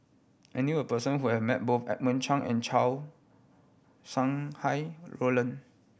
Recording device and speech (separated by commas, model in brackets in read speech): boundary microphone (BM630), read sentence